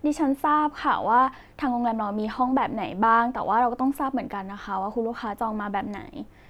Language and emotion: Thai, neutral